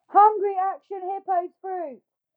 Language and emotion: English, fearful